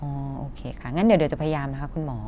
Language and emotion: Thai, neutral